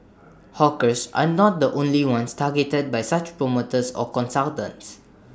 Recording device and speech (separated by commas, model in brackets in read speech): standing microphone (AKG C214), read sentence